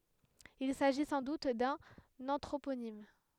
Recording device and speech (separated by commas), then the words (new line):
headset microphone, read sentence
Il s'agit sans doute d'un anthroponyme.